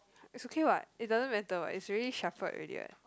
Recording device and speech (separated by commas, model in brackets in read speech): close-talking microphone, conversation in the same room